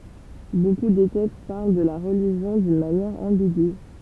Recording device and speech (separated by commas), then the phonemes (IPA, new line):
temple vibration pickup, read sentence
boku de tɛkst paʁl də la ʁəliʒjɔ̃ dyn manjɛʁ ɑ̃biɡy